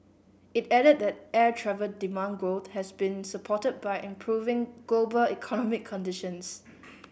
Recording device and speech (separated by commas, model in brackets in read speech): boundary microphone (BM630), read sentence